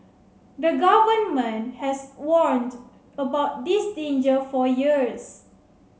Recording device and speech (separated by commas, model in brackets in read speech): mobile phone (Samsung C7), read sentence